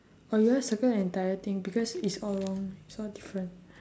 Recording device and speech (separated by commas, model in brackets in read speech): standing microphone, conversation in separate rooms